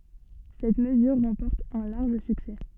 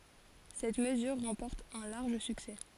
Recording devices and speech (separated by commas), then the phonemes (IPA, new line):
soft in-ear microphone, forehead accelerometer, read sentence
sɛt məzyʁ ʁɑ̃pɔʁt œ̃ laʁʒ syksɛ